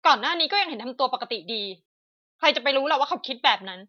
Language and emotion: Thai, angry